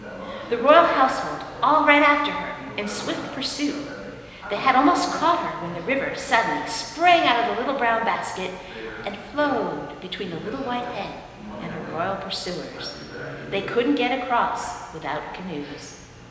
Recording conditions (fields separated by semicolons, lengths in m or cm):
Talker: one person; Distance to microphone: 1.7 m; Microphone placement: close; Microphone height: 1.0 m; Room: very reverberant, large; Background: television